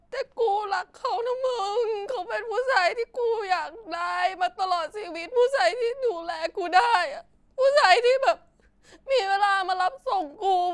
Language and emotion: Thai, sad